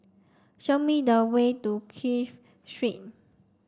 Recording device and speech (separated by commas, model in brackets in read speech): standing microphone (AKG C214), read sentence